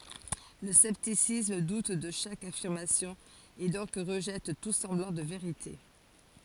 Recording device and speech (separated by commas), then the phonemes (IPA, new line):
forehead accelerometer, read sentence
lə sɛptisism dut də ʃak afiʁmasjɔ̃ e dɔ̃k ʁəʒɛt tu sɑ̃blɑ̃ də veʁite